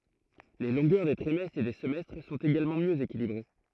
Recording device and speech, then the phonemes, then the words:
throat microphone, read sentence
le lɔ̃ɡœʁ de tʁimɛstʁz e de səmɛstʁ sɔ̃t eɡalmɑ̃ mjø ekilibʁe
Les longueurs des trimestres et des semestres sont également mieux équilibrées.

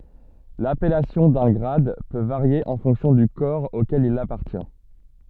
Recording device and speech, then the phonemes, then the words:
soft in-ear microphone, read sentence
lapɛlasjɔ̃ dœ̃ ɡʁad pø vaʁje ɑ̃ fɔ̃ksjɔ̃ dy kɔʁ okɛl il apaʁtjɛ̃
L'appellation d'un grade peut varier en fonction du corps auquel il appartient.

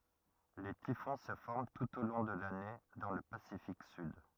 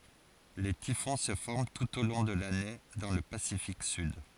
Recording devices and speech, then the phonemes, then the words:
rigid in-ear microphone, forehead accelerometer, read sentence
le tifɔ̃ sə fɔʁm tut o lɔ̃ də lane dɑ̃ lə pasifik syd
Les typhons se forment tout au long de l'année dans le Pacifique sud.

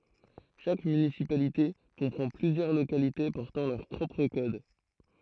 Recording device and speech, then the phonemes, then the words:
throat microphone, read sentence
ʃak mynisipalite kɔ̃pʁɑ̃ plyzjœʁ lokalite pɔʁtɑ̃ lœʁ pʁɔpʁ kɔd
Chaque municipalité comprend plusieurs localités portant leur propre code.

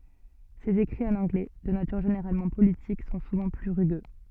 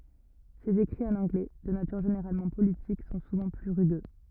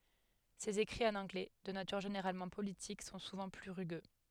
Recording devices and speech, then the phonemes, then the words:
soft in-ear microphone, rigid in-ear microphone, headset microphone, read sentence
sez ekʁiz ɑ̃n ɑ̃ɡlɛ də natyʁ ʒeneʁalmɑ̃ politik sɔ̃ suvɑ̃ ply ʁyɡø
Ses écrits en anglais, de nature généralement politique, sont souvent plus rugueux.

